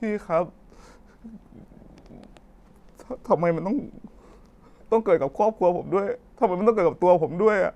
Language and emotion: Thai, sad